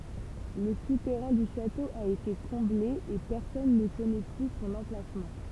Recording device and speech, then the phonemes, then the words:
temple vibration pickup, read sentence
lə sutɛʁɛ̃ dy ʃato a ete kɔ̃ble e pɛʁsɔn nə kɔnɛ ply sɔ̃n ɑ̃plasmɑ̃
Le souterrain du château a été comblé, et personne ne connaît plus son emplacement.

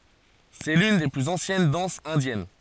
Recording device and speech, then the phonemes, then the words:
forehead accelerometer, read sentence
sɛ lyn de plyz ɑ̃sjɛn dɑ̃sz ɛ̃djɛn
C'est l'une des plus anciennes danses indiennes.

